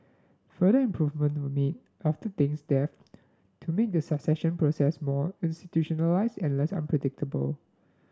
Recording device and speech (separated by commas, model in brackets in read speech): standing microphone (AKG C214), read sentence